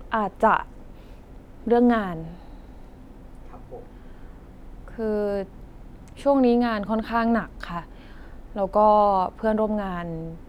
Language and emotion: Thai, frustrated